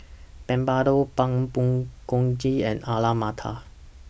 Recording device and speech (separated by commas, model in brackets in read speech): boundary microphone (BM630), read sentence